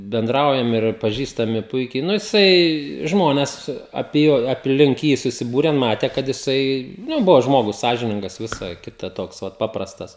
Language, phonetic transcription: Lithuanian, benˈdraujam ir paˈžįstami ˈpuikiai ˈnu jiˈsai ˈžmones apie ˈjo apˈlink ˈjį susiˈbūren ˈmate kad jiˈsai ˈnu ˈbuvo ˈžmogus ˈsąžiningas ˈvisa ˈkita ˈtoks ˈvat ˈpaprastas

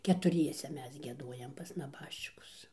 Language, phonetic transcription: Lithuanian, ketuˈriese ˈmes gieˈdojam pas naˈbaščikus

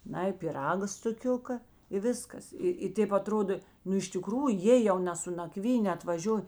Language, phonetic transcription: Lithuanian, ˈnai piˈraga stuˈkiuka i ˈviskas ˈi i ˈtėp aˈtrodo ˈnu iš tiˈkrųju ˈjė jau ne su naˈkvynė atvaˈžioj

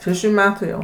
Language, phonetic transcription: Lithuanian, šeˈšių ˈmetų jau

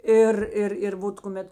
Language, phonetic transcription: Lithuanian, ˈir ˈir ir ˈvot kuˈmet

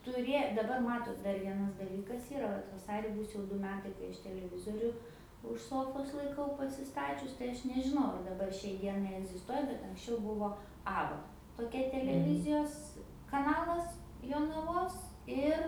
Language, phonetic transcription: Lithuanian, tuˈrė daˈbar ˈmatot dar ˈvienas daˈlykas ˈyra ˈvat vaˈsari ˈbūs jau ˈdu ˈmetai kai ˈaš teleˈvizoriu už ˈsofos laiˈkau pasiˈstačius tai ˈaš nežiˈnau ar daˈbar šiai ˈdienai egzisˈtuoja bet anksˈčiau ˈbuvo ˈaba toˈkia teleˈvizijos kaˈnalas jonaˈvos ˈir

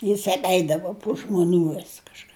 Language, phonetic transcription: Lithuanian, jis apˈeidavu pu žmuˈnių vis kažˈką

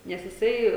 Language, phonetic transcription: Lithuanian, nes jiˈsai

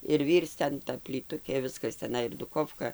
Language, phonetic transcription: Lithuanian, ir ˈvyrc ˈten ˈta plyˈtukė ˈviskas teˈnai ir duˈkofka

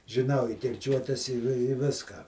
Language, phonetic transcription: Lithuanian, žiˈnau i kirˈčiuotes i vi ˈviską

